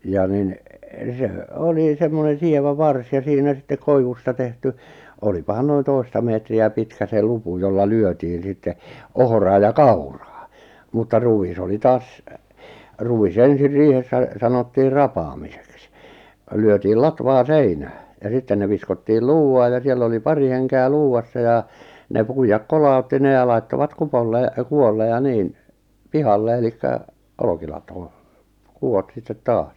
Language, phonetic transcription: Finnish, ja 'nin , 'se , 'oli 'semmonen̬ 'sievä 'vars ja 'siinä sitte 'koivusta tehty , 'olipahan noin 'toista meetri₍ä 'pitkä se 'lupu jolla 'lyötiin̬ 'sitte , 'ohᵒraa ja "kauraa , mutta 'ru₍is oli 'taas , 'ru₍is 'ensir 'riihessä , sanottiir "rapaamiseks , 'lyötiil "latvaa "seinää , ja 'sitten ne viskottiil "luu₍aaj ja 'siell ‿oli "pari henke₍ä "luu₍assa jà , ne 'puijak "kolàutti ne ja 'laittovat "kupolle , 'ku₍olle ja 'niin , 'pihalle elikkä , 'olʿᵒʾkilatoo , 'kuʷot sittet 'taas .
- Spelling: ja niin se oli semmoinen sievä varsi ja siinä sitten koivusta tehty olipahan noin toista metriä pitkä se lupu jolla lyötiin sitten ohraa ja kauraa mutta ruis oli taas ruis ensin riihessä sanottiin rapaamiseksi lyötiin latvaa seinää ja sitten ne viskottiin luuvaan ja siellä oli pari henkeä luuvassa ja ne puida kolautti ne ja laittoivat kupolle kupolle ja niin pihalle eli olkilatoon kupot sitten taas

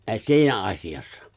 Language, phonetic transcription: Finnish, siinä '’as̀ijassa .
- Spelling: siinä asiassa

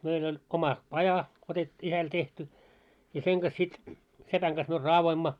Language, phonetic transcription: Finnish, meil ‿oĺ , 'oma 'paja , otet- , 'isäl tehty , ja 'seŋ ɢas sit , 'sepäŋ ɢas myö "raavoimma .
- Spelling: meillä oli oma paja - isällä tehty ja sen kanssa sitten sepän kanssa me raadoimme

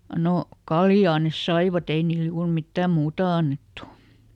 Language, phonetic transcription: Finnish, ˈno , "kaljaa nes ˈsaivaˈt ‿ei niil juur ˈmittä̀m "muuta ˈannettu .
- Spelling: no kaljaa ne saivat ei niille juuri mitään muuta annettu

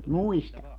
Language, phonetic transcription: Finnish, "muistaŋ .
- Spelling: muistan

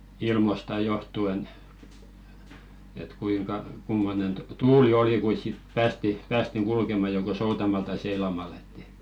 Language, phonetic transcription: Finnish, 'ilmosta johtu₍en , et 'kuiŋka , 'kummonen tᵘ- "tuuli oli 'kuis sit 'päästi , päästiŋ "kulkema joko "soutamal tai 'seilamal ‿ᴇttɪ .
- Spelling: ilmoista johtuen että kuinka kummoinen - tuuli oli kuinka sitten päästiin päästiin kulkemaan joko soutamalla tai seilaamalla että

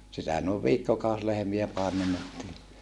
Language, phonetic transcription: Finnish, sitä nòev viikkokàus lehᵉmiä paemennettii .
- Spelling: sitä noin viikkokausi lehmiä paimennettiin

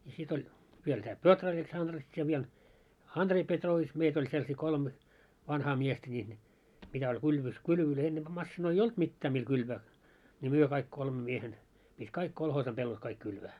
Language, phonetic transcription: Finnish, ja 'sit oĺ , viel tää "Petrovets 'Andrets ja viel "Andrei 'Pet'roovits 'meit ‿oĺ selsii 'kolme , 'vanhaa 'miestä ńiin , mitä oĺ 'kylvys 'kylvölöi 'ennemʙä 'massinoi "olt 'mittää mil 'kylvää , ńi 'myö kaik 'kolme 'miehen , pit́ "kaik 'kolhoosa pellot 'kaik 'kylvää .
- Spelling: ja sitten oli vielä tämä Petrovets Andrets ja vielä Andrei Petrovits meitä oli sellaisia kolme vanhaa miestä niin mitä oli kylvyssä kylvöjä ennempää masiinoita ollut mitään millä kylvää niin me kaikki kolme miehen piti kaikki kolhoosin pellot kaikki kylvää

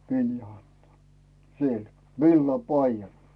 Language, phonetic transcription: Finnish, 'Viljo anto , siel , "villa'paijan .
- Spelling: Viljo antoi siellä villapaidan

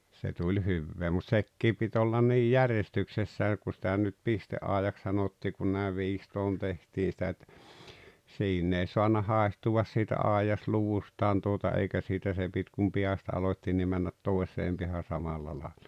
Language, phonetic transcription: Finnish, se tuĺ 'hyvvee mut "sekkii pit ‿ollan 'niij "järestyksessää ku sⁱtä nyt "piste’àejak sanottii kun nä̀iv 'viistoon 'tehtii sⁱtä ‿t- , 'siinn ‿ei soanna "hàehtuwas siitä "àijasluvustaan tuota 'eikä siitä se pit kum "piästä 'alot́t́i nii männät "toes̀eem piähän̬ 'samalla làelʟᴀ .
- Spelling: se tuli hyvää mutta sekin piti olla niin järjestyksessään kun sitä nyt pisteaidaksi sanottiin kun näin viistoon tehtiin sitä - siinä ei saanut haihtua siitä aidasluvustaan tuota eikä siitä se piti kun päästä aloitti niin mennä toiseen päähän samalla lailla

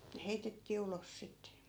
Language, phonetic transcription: Finnish, ne 'heitettii 'ulos sitte .
- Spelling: ne heitettiin ulos sitten

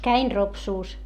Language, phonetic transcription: Finnish, käin Ropsuus .
- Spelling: kävin Ropsussa

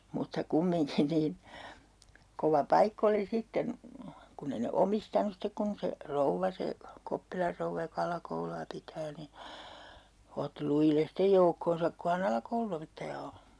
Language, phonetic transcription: Finnish, mutta 'kummiŋkin niin , kova 'paikk ‿oli sitten , 'kunn ‿ei ne "omistanus stek kun se , "rouvva se , 'Koppilar rouvva jo'k ‿alakoulu₍a pitää ni , otti 'lujilles "stej 'joukkonsak ko ha"n ‿alakoulun̬opettaja o .
- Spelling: mutta kumminkin niin kova paikka oli sitten kun ei ne omistanut sitten kun se rouva se Koppilan rouva joka alakoulua pitää niin otti lujille sitten joukkonsa kun hän alakoulunopettaja on

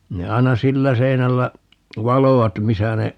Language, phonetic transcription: Finnish, 'ne 'ai̮na "sillä 'seinällä , "valovat 'misä ne , .
- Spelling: ne aina sillä seinällä valoivat missä ne

